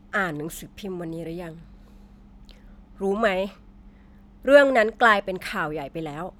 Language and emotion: Thai, frustrated